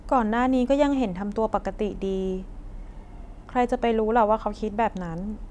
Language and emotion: Thai, neutral